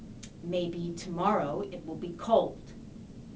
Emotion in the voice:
disgusted